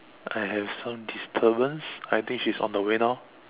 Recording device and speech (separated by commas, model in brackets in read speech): telephone, conversation in separate rooms